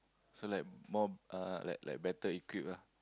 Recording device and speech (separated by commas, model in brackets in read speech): close-talking microphone, conversation in the same room